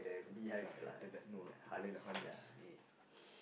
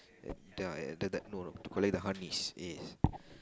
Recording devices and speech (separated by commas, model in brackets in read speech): boundary microphone, close-talking microphone, conversation in the same room